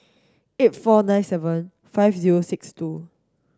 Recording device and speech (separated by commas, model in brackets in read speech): standing microphone (AKG C214), read sentence